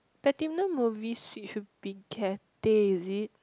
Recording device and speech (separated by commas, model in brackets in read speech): close-talking microphone, conversation in the same room